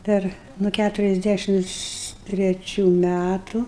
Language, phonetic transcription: Lithuanian, ˈper nu ˈkæturiasˌdæšims treˈčių ˈmætu

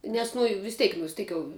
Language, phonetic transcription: Lithuanian, ˈnes nu i vis ˈteik vis ˈteik jau

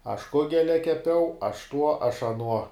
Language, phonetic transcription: Lithuanian, aš ˈkugelia keˈpiau aš tuo aš aˈnuo

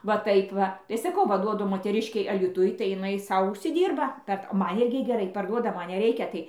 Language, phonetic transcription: Lithuanian, va ˈtaip ˈva tai ˈsakau va ˈduodu moteˈriškei alyˈtuj tai jiˈnai ˈsau užsiˈdyrba ˈpert ˈman ˈirgi geˈrai parˈduoda ˈman neˈreikia ˈtai

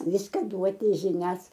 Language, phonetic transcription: Lithuanian, ˈviska ˈduoti žiˈnias

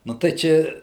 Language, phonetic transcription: Lithuanian, ˈnu tai ˈčia

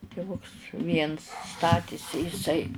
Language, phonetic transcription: Lithuanian, tiˈvuks ˈviens ˈstatėsi jiˈsai

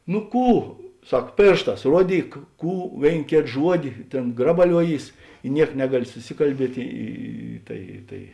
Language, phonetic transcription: Lithuanian, nu ˈkų ˈsak ˈpėršˌtās ˈruoˌdyk ˈkų ˈvėin ˈkėt ˈžuodi ˈtėn ˈgrabaliuoˌjys i ˈniek ˈnegaˌli suˈsikalˌbiet' ˈy ˈtai tai

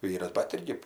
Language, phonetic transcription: Lithuanian, ˈvyras bat ˈirgi

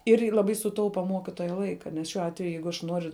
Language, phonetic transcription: Lithuanian, ir i laˈbai suˈtaupa ˈmuokituoja ˈlaika nes ˈšiuo ˈatveju ˈjeigu aš ˈnuoriu

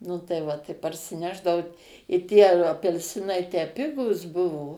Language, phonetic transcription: Lithuanian, nu tai ˈva ˈtai parsiˈnešdavau i tie apelˈsinai tę ˈpigūs ˈbuvo

